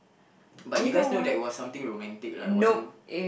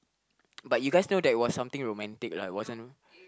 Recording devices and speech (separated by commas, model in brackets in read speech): boundary microphone, close-talking microphone, conversation in the same room